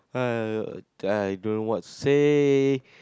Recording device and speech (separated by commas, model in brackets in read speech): close-talking microphone, conversation in the same room